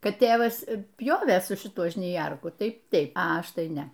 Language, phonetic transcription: Lithuanian, ˈkad ˈtėvas ˈpjovė su šiˈtu žniˈjerku ˈtai ˈteip a ˈaš ˈtai ˈne

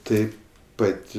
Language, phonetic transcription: Lithuanian, ˈtaip ˈpat'

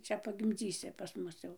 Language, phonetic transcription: Lithuanian, ˈčia pagimˈdzysi pas ˈmus jau

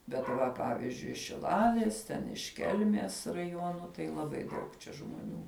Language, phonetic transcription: Lithuanian, bet ˈva ˈpavizdžiui iš šiˈlalės ˈten iš ˈkelmės raˈjuonu tai laˈbai ˈdaug čia žmoˈnių

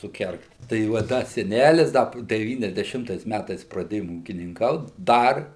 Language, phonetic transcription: Lithuanian, suˈkergt tai va ˈda seˈnælis ˈda deˌvyniasdeˈšimtais ˈmætais praˈdėjom ūkininˈkaut ˈdar

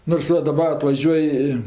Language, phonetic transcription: Lithuanian, nors ˈva daˈba atvaˈžiuoj i

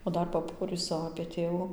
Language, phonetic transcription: Lithuanian, o ˈdar paˈporysu apė ˈtėvu

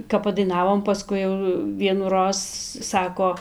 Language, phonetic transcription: Lithuanian, kap padaiˈnavom paˈskui jau vienųˈroz ˈsako

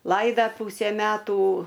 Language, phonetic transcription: Lithuanian, ˈlaida ˈpūsę ˈmetų

